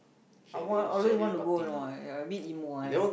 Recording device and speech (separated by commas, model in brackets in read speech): boundary microphone, conversation in the same room